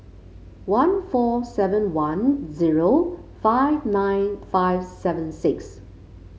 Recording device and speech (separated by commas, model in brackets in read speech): mobile phone (Samsung C5), read sentence